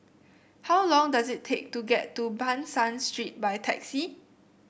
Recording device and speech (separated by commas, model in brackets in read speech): boundary microphone (BM630), read sentence